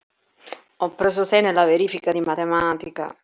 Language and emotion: Italian, sad